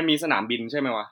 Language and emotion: Thai, neutral